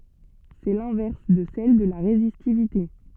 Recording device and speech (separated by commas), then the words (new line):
soft in-ear microphone, read sentence
C'est l'inverse de celle de la résistivité.